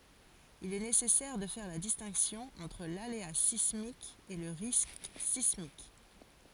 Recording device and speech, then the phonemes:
forehead accelerometer, read sentence
il ɛ nesɛsɛʁ də fɛʁ la distɛ̃ksjɔ̃ ɑ̃tʁ lalea sismik e lə ʁisk sismik

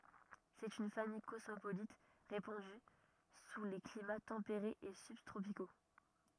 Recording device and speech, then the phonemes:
rigid in-ear microphone, read sentence
sɛt yn famij kɔsmopolit ʁepɑ̃dy su le klima tɑ̃peʁez e sybtʁopiko

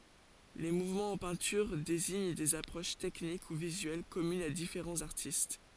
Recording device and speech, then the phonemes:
forehead accelerometer, read sentence
le muvmɑ̃z ɑ̃ pɛ̃tyʁ deziɲ dez apʁoʃ tɛknik u vizyɛl kɔmynz a difeʁɑ̃z aʁtist

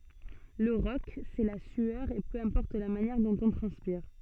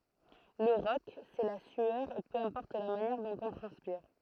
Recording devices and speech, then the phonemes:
soft in-ear microphone, throat microphone, read sentence
lə ʁɔk sɛ la syœʁ e pø ɛ̃pɔʁt la manjɛʁ dɔ̃t ɔ̃ tʁɑ̃spiʁ

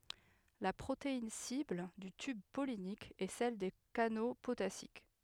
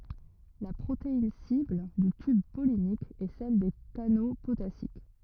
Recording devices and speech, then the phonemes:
headset microphone, rigid in-ear microphone, read sentence
la pʁotein sibl dy tyb pɔlinik ɛ sɛl de kano potasik

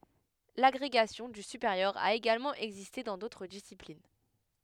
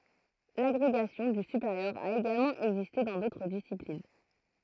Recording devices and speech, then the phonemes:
headset microphone, throat microphone, read sentence
laɡʁeɡasjɔ̃ dy sypeʁjœʁ a eɡalmɑ̃ ɛɡziste dɑ̃ dotʁ disiplin

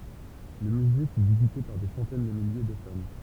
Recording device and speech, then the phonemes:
temple vibration pickup, read sentence
lə myze fy vizite paʁ de sɑ̃tɛn də milje də fan

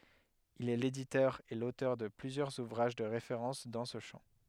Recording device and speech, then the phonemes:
headset microphone, read sentence
il ɛ leditœʁ e lotœʁ də plyzjœʁz uvʁaʒ də ʁefeʁɑ̃s dɑ̃ sə ʃɑ̃

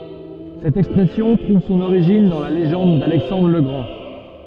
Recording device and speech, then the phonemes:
soft in-ear microphone, read sentence
sɛt ɛkspʁɛsjɔ̃ tʁuv sɔ̃n oʁiʒin dɑ̃ la leʒɑ̃d dalɛksɑ̃dʁ lə ɡʁɑ̃

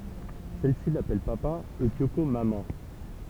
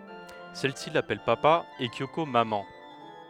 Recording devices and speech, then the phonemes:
temple vibration pickup, headset microphone, read sentence
sɛl si lapɛl papa e kjoko mamɑ̃

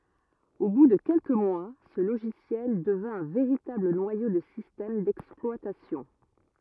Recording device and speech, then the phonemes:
rigid in-ear microphone, read sentence
o bu də kɛlkə mwa sə loʒisjɛl dəvɛ̃ œ̃ veʁitabl nwajo də sistɛm dɛksplwatasjɔ̃

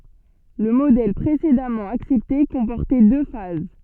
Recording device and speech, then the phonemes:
soft in-ear microphone, read sentence
lə modɛl pʁesedamɑ̃ aksɛpte kɔ̃pɔʁtɛ dø faz

